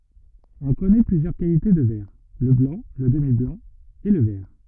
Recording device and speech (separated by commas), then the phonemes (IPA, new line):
rigid in-ear microphone, read sentence
ɔ̃ kɔnɛ plyzjœʁ kalite də vɛʁ lə blɑ̃ lə dəmiblɑ̃ e lə vɛʁ